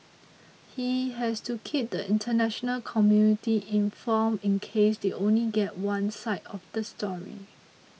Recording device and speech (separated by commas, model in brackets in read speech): mobile phone (iPhone 6), read sentence